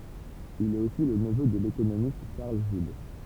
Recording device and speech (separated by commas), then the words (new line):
temple vibration pickup, read sentence
Il est aussi le neveu de l'économiste Charles Gide.